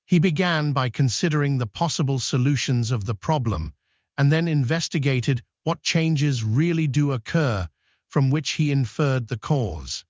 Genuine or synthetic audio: synthetic